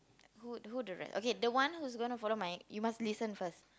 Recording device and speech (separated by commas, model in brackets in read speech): close-talking microphone, conversation in the same room